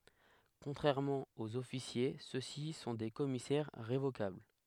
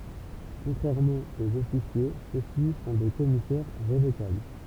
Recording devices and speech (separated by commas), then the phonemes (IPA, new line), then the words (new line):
headset microphone, temple vibration pickup, read sentence
kɔ̃tʁɛʁmɑ̃ oz ɔfisje sø si sɔ̃ de kɔmisɛʁ ʁevokabl
Contrairement aux officiers ceux-ci sont des commissaires révocables.